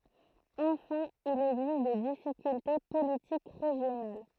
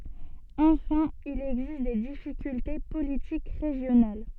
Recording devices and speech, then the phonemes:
throat microphone, soft in-ear microphone, read sentence
ɑ̃fɛ̃ il ɛɡzist de difikylte politik ʁeʒjonal

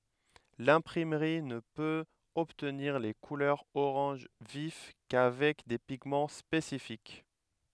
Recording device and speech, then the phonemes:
headset microphone, read sentence
lɛ̃pʁimʁi nə pøt ɔbtniʁ le kulœʁz oʁɑ̃ʒ vif kavɛk de piɡmɑ̃ spesifik

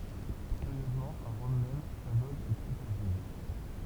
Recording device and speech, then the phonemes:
temple vibration pickup, read sentence
kyʁjøzmɑ̃ a ʁɔm mɛm sa voɡ ɛ ply taʁdiv

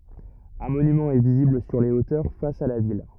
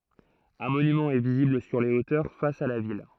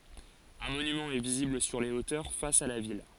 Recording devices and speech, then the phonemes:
rigid in-ear microphone, throat microphone, forehead accelerometer, read sentence
œ̃ monymɑ̃ ɛ vizibl syʁ le otœʁ fas a la vil

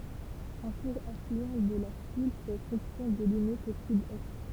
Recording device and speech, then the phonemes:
temple vibration pickup, read sentence
œ̃ kuʁ aflyɑ̃ də la sul fɛ fɔ̃ksjɔ̃ də limit o sydɛst

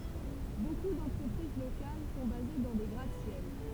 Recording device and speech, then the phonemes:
temple vibration pickup, read sentence
boku dɑ̃tʁəpʁiz lokal sɔ̃ baze dɑ̃ de ɡʁat sjɛl

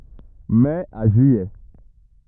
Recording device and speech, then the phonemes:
rigid in-ear microphone, read sentence
mɛ a ʒyijɛ

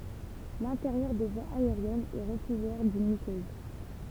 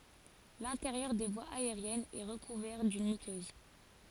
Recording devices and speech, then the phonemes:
temple vibration pickup, forehead accelerometer, read sentence
lɛ̃teʁjœʁ de vwaz aeʁjɛnz ɛ ʁəkuvɛʁ dyn mykøz

